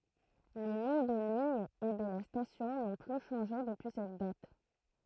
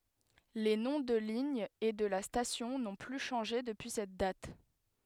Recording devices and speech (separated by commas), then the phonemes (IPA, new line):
throat microphone, headset microphone, read sentence
le nɔ̃ də liɲ e də la stasjɔ̃ nɔ̃ ply ʃɑ̃ʒe dəpyi sɛt dat